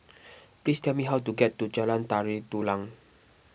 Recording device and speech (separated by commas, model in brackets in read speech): boundary microphone (BM630), read sentence